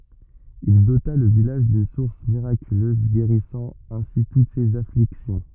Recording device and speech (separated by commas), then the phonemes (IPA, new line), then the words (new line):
rigid in-ear microphone, read sentence
il dota lə vilaʒ dyn suʁs miʁakyløz ɡeʁisɑ̃ ɛ̃si tut sez afliksjɔ̃
Il dota le village d’une source miraculeuse guérissant ainsi toutes ces afflictions.